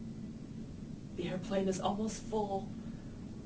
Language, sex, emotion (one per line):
English
female
fearful